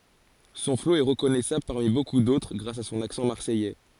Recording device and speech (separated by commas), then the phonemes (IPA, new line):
forehead accelerometer, read sentence
sɔ̃ flo ɛ ʁəkɔnɛsabl paʁmi boku dotʁ ɡʁas a sɔ̃n aksɑ̃ maʁsɛjɛ